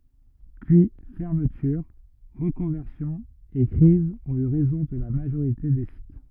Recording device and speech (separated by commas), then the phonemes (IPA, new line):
rigid in-ear microphone, read sentence
pyi fɛʁmətyʁ ʁəkɔ̃vɛʁsjɔ̃z e kʁizz ɔ̃t y ʁɛzɔ̃ də la maʒoʁite de sit